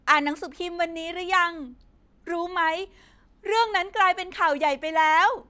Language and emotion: Thai, happy